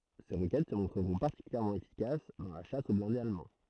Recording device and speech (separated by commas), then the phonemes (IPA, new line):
throat microphone, read sentence
se ʁokɛt sə mɔ̃tʁəʁɔ̃ paʁtikyljɛʁmɑ̃ efikas dɑ̃ la ʃas o blɛ̃dez almɑ̃